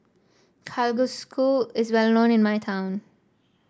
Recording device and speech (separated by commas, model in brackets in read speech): standing microphone (AKG C214), read sentence